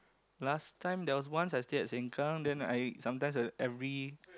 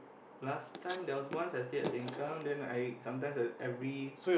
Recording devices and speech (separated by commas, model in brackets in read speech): close-talking microphone, boundary microphone, conversation in the same room